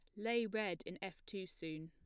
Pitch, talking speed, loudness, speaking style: 195 Hz, 220 wpm, -43 LUFS, plain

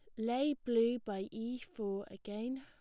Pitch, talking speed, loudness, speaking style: 230 Hz, 150 wpm, -38 LUFS, plain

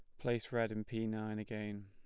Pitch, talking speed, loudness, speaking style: 110 Hz, 220 wpm, -40 LUFS, plain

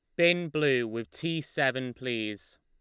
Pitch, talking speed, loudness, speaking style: 130 Hz, 150 wpm, -29 LUFS, Lombard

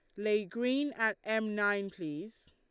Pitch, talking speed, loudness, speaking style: 210 Hz, 155 wpm, -33 LUFS, Lombard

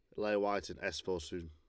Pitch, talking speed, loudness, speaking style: 90 Hz, 280 wpm, -38 LUFS, Lombard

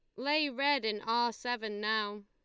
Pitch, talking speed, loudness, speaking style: 225 Hz, 175 wpm, -32 LUFS, Lombard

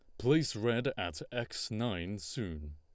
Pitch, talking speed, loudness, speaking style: 120 Hz, 140 wpm, -35 LUFS, Lombard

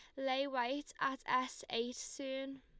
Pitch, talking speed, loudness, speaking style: 265 Hz, 150 wpm, -39 LUFS, Lombard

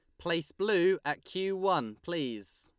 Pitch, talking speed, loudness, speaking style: 175 Hz, 150 wpm, -31 LUFS, Lombard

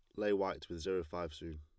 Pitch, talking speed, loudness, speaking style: 85 Hz, 260 wpm, -39 LUFS, plain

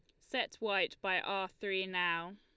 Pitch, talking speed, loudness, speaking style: 190 Hz, 165 wpm, -35 LUFS, Lombard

